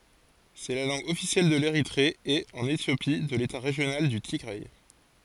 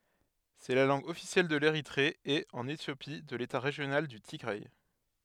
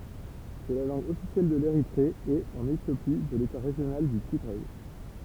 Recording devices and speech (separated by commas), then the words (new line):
forehead accelerometer, headset microphone, temple vibration pickup, read sentence
C'est la langue officielle de l'Érythrée et, en Éthiopie, de l'État régional du Tigray.